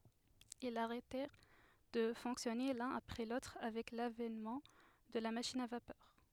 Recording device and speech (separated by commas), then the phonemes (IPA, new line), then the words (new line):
headset microphone, read sentence
ilz aʁɛtɛʁ də fɔ̃ksjɔne lœ̃n apʁɛ lotʁ avɛk lavɛnmɑ̃ də la maʃin a vapœʁ
Ils arrêtèrent de fonctionner l'un après l'autre avec l'avènement de la machine à vapeur.